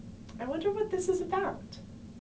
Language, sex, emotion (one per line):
English
female
neutral